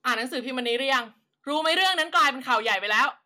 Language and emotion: Thai, angry